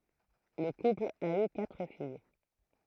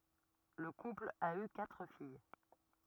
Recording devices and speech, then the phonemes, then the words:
throat microphone, rigid in-ear microphone, read sentence
lə kupl a y katʁ fij
Le couple a eu quatre filles.

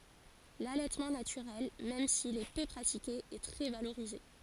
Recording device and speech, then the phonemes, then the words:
forehead accelerometer, read sentence
lalɛtmɑ̃ natyʁɛl mɛm sil ɛ pø pʁatike ɛ tʁɛ valoʁize
L'allaitement naturel, même s'il est peu pratiqué, est très valorisé.

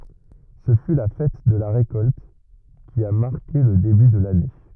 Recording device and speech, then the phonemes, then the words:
rigid in-ear microphone, read sentence
sə fy la fɛt də la ʁekɔlt ki a maʁke lə deby də lane
Ce fut la fête de la récolte, qui a marqué le début de l'année.

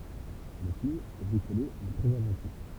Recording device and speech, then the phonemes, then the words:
temple vibration pickup, read sentence
lə film ɛ bʁikole mɛ tʁɛz ɛ̃vɑ̃tif
Le film est bricolé mais très inventif.

